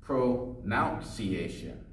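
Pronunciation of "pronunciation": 'Pronunciation' is pronounced incorrectly here.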